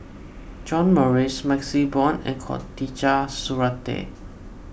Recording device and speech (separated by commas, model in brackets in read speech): boundary microphone (BM630), read sentence